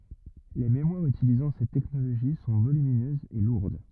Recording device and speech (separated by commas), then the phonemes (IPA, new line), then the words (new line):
rigid in-ear microphone, read sentence
le memwaʁz ytilizɑ̃ sɛt tɛknoloʒi sɔ̃ volyminøzz e luʁd
Les mémoires utilisant cette technologie sont volumineuses et lourdes.